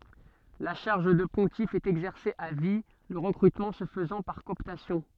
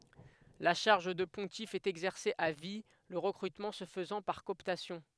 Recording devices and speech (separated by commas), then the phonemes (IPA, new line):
soft in-ear microphone, headset microphone, read sentence
la ʃaʁʒ də pɔ̃tif ɛt ɛɡzɛʁse a vi lə ʁəkʁytmɑ̃ sə fəzɑ̃ paʁ kɔɔptasjɔ̃